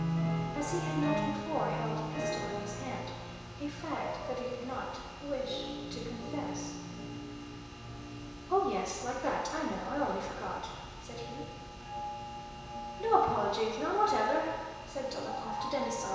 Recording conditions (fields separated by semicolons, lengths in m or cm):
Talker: one person; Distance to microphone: 1.7 m; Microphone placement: close; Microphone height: 1.0 m; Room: very reverberant, large; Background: music